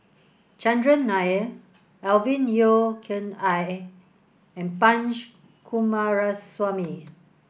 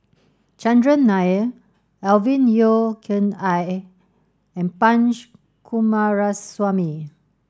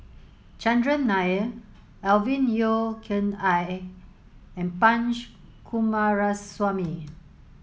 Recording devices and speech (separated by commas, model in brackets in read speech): boundary microphone (BM630), standing microphone (AKG C214), mobile phone (Samsung S8), read sentence